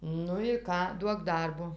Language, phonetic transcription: Lithuanian, ˈnu i ˈką ˈduok ˈdarbo

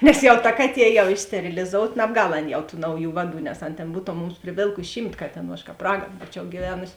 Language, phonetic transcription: Lithuanian, nes ˈjau ta ˈkaˌtie jau ˈy steriliˈzout nabˈgal ˈan jau tų ˈnauˌjų ˈvaˌdų nes an ˈtėn ˈbūtom ˈmums priˈvėlkusi ˈšymt ˈkatėˌnų aš ˈkāp ˈragan ˈbūčiau gyˈvenusi

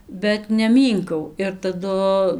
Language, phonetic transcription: Lithuanian, bet neˈmynkau ir taˈdu

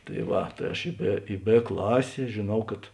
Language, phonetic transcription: Lithuanian, tai ˈva tai ˈaš i ˈbė i ˈbė ˈklasė žėˈnau kad

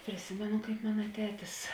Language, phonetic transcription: Lithuanian, priˈsimenu kaip ˈmana ˈtetis

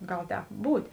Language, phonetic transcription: Lithuanian, ˈgal ˈtēp ˈbūtė

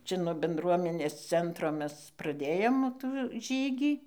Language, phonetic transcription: Lithuanian, ˈčia ˈnuo benˈdruomenės ˈcentro ˈmes praˈdėjom tų ˈžygį

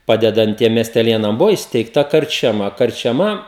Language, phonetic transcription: Lithuanian, ˈpadedant ˈtiem miesteˈlėnam ˈbuvo įsteigˈta karčiaˈma karčiaˈma

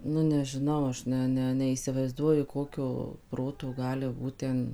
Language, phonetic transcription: Lithuanian, nu nežiˈnau ˈaš ˈne ne neįsivaizˈduoju ˈkokio ˈproto ˈgali ˈbūt ten

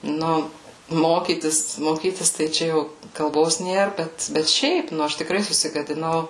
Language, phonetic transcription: Lithuanian, ˈnu ˈmokytis moˈkytis tai ˈčia jau kalˈbos ˈnėr ˈbet bet ˈšiaip ˈnu ˈaš tikˈrai susigadiˈnau

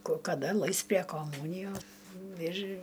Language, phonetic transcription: Lithuanian, ko kaˈda ˈlais pre koˈmūnijo ir

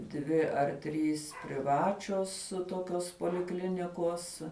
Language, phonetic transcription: Lithuanian, ˈdvi ar ˈtrys priˈvačios toˈkios poliˈklinikos

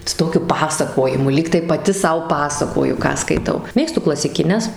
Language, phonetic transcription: Lithuanian, su ˈtokiu ˈpasakojimu ˈlygtai paˈti ˈsau ˈpasakoju ˈką skaiˈtau ˈmėgstu klasikiˈnes

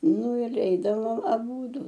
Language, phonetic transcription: Lithuanian, ˈnu ir ˈeidavom aˈbūdu

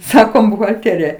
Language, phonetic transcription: Lithuanian, ˈsakom buhalˈtėrija

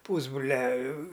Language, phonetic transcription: Lithuanian, ˈpūsbrulia

